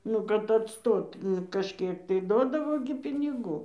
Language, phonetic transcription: Lithuanian, ˈnu kad atˈstot ˈnu kažˈkiek tai ˈduodavo gi piniˈgų

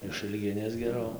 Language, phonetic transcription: Lithuanian, išɨlˈginės geˈrau

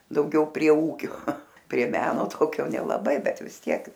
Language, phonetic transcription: Lithuanian, dauˈgiau prie ˈūkio prie ˈmeno ˈtokio nelaˈbai ˈbet vis ˈtiek

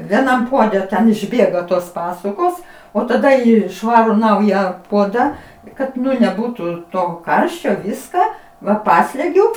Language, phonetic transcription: Lithuanian, vieˈnam ˈpuode ten išˈbėga tos ˈpasukos o taˈda ˈį ˈšvaru ˈnauja ˈpuoda ˈkad neˈbūtų to ˈkarščio ˈviska va ˈpaslegiu

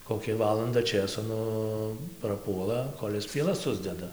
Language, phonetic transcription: Lithuanian, koˈkia ˈvalanda ˈčėso ˈnu praˈpuola ˈkol' is pieˈlas ˈsusdeda

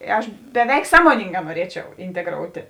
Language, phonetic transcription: Lithuanian, ˈaš beˈveik ˈsąmoningā nuoˈriečiau inteˈgroutė

